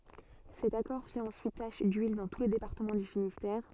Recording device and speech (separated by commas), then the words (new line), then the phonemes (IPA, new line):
soft in-ear microphone, read sentence
Cet accord fit ensuite tache d'huile dans tout le département du Finistère.
sɛt akɔʁ fi ɑ̃syit taʃ dyil dɑ̃ tu lə depaʁtəmɑ̃ dy finistɛʁ